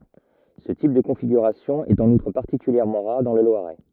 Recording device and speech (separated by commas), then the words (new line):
rigid in-ear microphone, read sentence
Ce type de configuration est en outre particulièrement rare dans le Loiret.